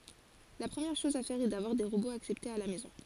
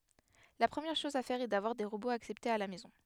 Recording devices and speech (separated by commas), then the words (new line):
forehead accelerometer, headset microphone, read sentence
La première chose à faire est d’avoir des robots acceptés à la maison.